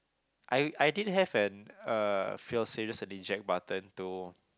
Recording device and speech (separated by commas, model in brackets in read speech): close-talking microphone, conversation in the same room